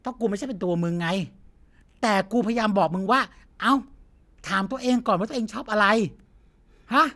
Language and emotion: Thai, frustrated